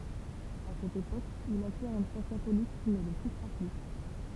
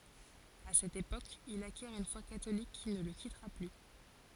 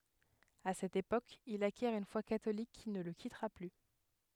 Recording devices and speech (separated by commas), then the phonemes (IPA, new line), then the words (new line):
temple vibration pickup, forehead accelerometer, headset microphone, read sentence
a sɛt epok il akjɛʁ yn fwa katolik ki nə lə kitʁa ply
À cette époque, il acquiert une foi catholique qui ne le quittera plus.